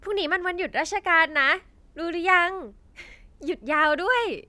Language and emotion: Thai, happy